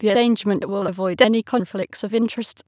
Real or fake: fake